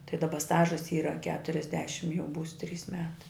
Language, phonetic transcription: Lithuanian, tai daˈba ˈstažas ˈyra keturiasˈdešim jau ˈbūs ˈtrys ˈmetai

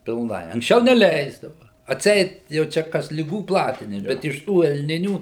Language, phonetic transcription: Lithuanian, pilˈnai anksˈčiau neˈleisdava atˈseit jau ˈčia ˈkas liˈgų ˈplatinims bet iš ˈtų elˈninių

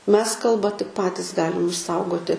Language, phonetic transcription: Lithuanian, ˈmes ˈkalba tik ˈpatis ˈgalim išˈsaugoti

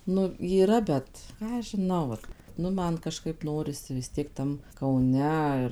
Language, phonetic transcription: Lithuanian, ˈnu yˈra ˈbet ˈką aš žiˈnau vat ˈnu ˈman kaˈžkaip ˈnorisi vis ˈtiek ˈtam kauˈne ir

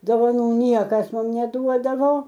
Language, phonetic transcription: Lithuanian, dovaˈnų ˈniekas ˈmum neˈduodavo

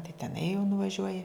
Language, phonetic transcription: Lithuanian, tai teˈnai jau nuvaˈžiuoji

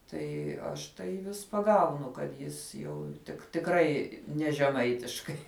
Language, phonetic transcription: Lithuanian, ˈtai ˈaš tai vis paˈgaunu kad ˈjis jau tik tikˈrai ˈne žeˈmaitiškai

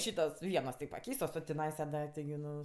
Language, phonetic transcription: Lithuanian, ˈšytos ˈvienos ti paˈkeistos o tiˈnaisa da tigi ˈnu

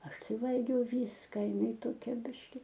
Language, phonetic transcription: Lithuanian, ˈaš ˈtai ˈvalgiau ˈvyska iˈnai toˈkia ˈbiški

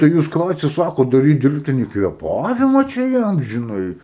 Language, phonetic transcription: Lithuanian, tai ˈjūs ˈką atsiˈsakot daˈryt ˈdirbtinį kvėˈpavima čia ˈjam žiˈnai

